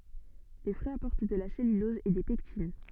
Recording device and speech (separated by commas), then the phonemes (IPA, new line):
soft in-ear microphone, read sentence
le fʁyiz apɔʁt də la sɛlylɔz e de pɛktin